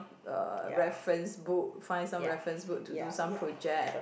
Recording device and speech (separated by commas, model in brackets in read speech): boundary microphone, conversation in the same room